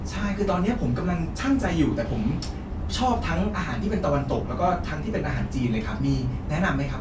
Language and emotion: Thai, happy